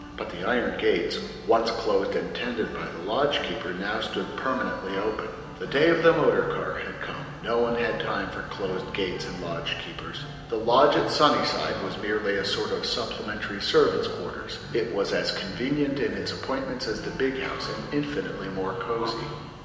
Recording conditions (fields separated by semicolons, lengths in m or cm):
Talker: one person; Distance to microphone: 1.7 m; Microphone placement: close; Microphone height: 1.0 m; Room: very reverberant, large; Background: music